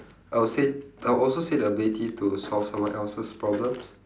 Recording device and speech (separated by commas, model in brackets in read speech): standing microphone, conversation in separate rooms